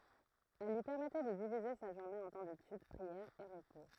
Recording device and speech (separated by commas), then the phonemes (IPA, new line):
throat microphone, read sentence
ɛl lyi pɛʁmɛtɛ də divize sa ʒuʁne ɑ̃ tɑ̃ detyd pʁiɛʁ e ʁəpo